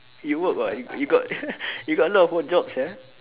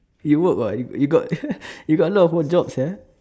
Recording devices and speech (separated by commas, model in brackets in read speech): telephone, standing microphone, conversation in separate rooms